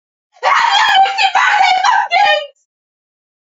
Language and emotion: English, fearful